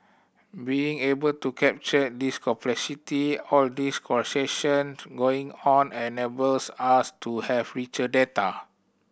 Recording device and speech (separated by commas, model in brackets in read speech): boundary microphone (BM630), read sentence